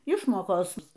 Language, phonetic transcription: Lithuanian, ˈišmokos

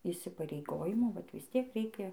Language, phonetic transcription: Lithuanian, įsipareiˈgojimų ˈvat visˈtiek ˈreikia

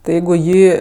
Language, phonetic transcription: Lithuanian, tai ˈjeigu i ˈjį

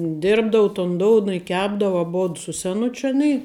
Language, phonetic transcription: Lithuanian, ˈdirbdavu ton ˈdouna i ˈkepdavu aˈbod su seˈnučiu aˈny

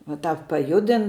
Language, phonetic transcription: Lithuanian, va ˈtāp paˈjudin

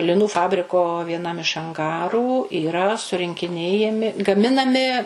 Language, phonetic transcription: Lithuanian, liˈnų ˈfabriko vieˈnam iš anˈgarų yˈra surinkiˈnėjami gaˈminami

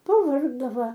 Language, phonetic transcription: Lithuanian, paˈvargdava

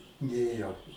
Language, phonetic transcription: Lithuanian, ˈnėjo

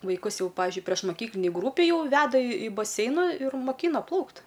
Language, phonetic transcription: Lithuanian, vaiˈkus ˈjau ˈpavižiui priešmoˈkyklinėj ˈgrupėj ˈjau ˈveda i i baˈseina ir moˈkyna ˈplaukt

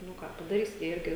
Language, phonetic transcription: Lithuanian, nu ˈką padaˈrysi jie ˈirgi

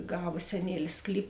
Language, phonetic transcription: Lithuanian, ˈgava seˈnielis ˈsklyp

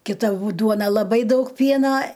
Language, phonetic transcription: Lithuanian, kiˈta bū ˈduona laˈbai ˈdaug ˈpiena

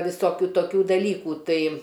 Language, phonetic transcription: Lithuanian, visoˈkių toˈkių daˈlykų ˈtai

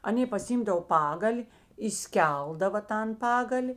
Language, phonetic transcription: Lithuanian, aˈnė pasiˈimdav ˈpagali įˈskeldava ˈtan ˈpagali

